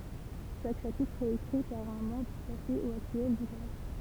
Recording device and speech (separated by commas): temple vibration pickup, read sentence